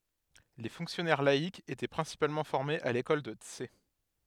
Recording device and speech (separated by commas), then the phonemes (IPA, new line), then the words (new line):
headset microphone, read sentence
le fɔ̃ksjɔnɛʁ laikz etɛ pʁɛ̃sipalmɑ̃ fɔʁmez a lekɔl də ts
Les fonctionnaires laïcs étaient principalement formés à l'école de Tse.